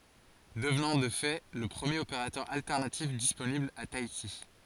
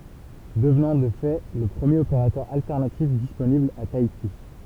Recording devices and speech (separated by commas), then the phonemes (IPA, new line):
forehead accelerometer, temple vibration pickup, read sentence
dəvnɑ̃ də fɛ lə pʁəmjeʁ opeʁatœʁ altɛʁnatif disponibl a taiti